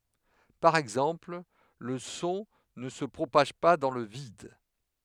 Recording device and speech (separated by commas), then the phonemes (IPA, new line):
headset microphone, read sentence
paʁ ɛɡzɑ̃pl lə sɔ̃ nə sə pʁopaʒ pa dɑ̃ lə vid